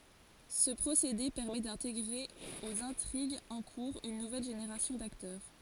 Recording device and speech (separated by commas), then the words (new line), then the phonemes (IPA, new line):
forehead accelerometer, read sentence
Ce procédé permet d'intégrer aux intrigues en cours une nouvelle génération d'acteurs.
sə pʁosede pɛʁmɛ dɛ̃teɡʁe oz ɛ̃tʁiɡz ɑ̃ kuʁz yn nuvɛl ʒeneʁasjɔ̃ daktœʁ